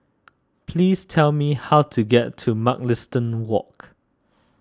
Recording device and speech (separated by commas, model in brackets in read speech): standing microphone (AKG C214), read sentence